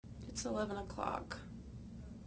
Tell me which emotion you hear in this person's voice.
sad